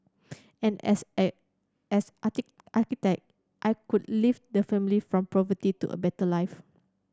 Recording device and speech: standing microphone (AKG C214), read sentence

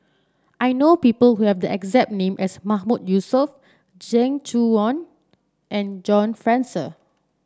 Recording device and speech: standing microphone (AKG C214), read sentence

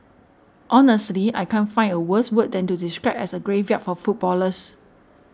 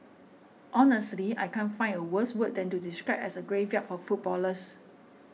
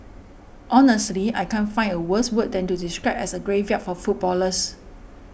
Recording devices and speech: standing microphone (AKG C214), mobile phone (iPhone 6), boundary microphone (BM630), read sentence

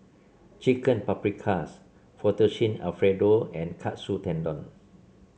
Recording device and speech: mobile phone (Samsung C7), read sentence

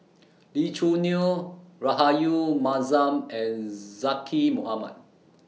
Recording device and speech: mobile phone (iPhone 6), read sentence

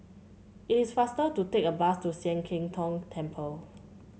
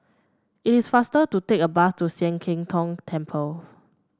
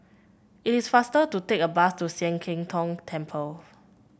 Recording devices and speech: mobile phone (Samsung C7), standing microphone (AKG C214), boundary microphone (BM630), read sentence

